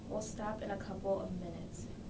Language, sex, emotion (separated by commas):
English, female, neutral